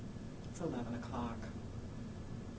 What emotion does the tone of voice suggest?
neutral